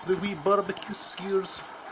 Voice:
in a silly voice